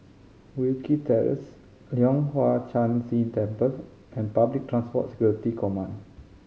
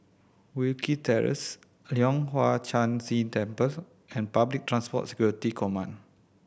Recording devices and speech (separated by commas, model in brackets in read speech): mobile phone (Samsung C5010), boundary microphone (BM630), read sentence